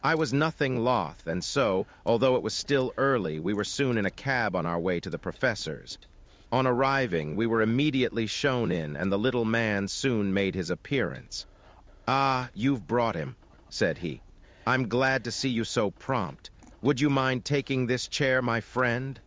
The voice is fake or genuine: fake